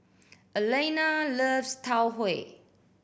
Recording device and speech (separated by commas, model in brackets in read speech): boundary microphone (BM630), read sentence